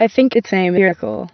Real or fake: fake